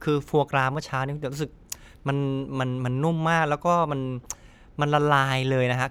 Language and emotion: Thai, happy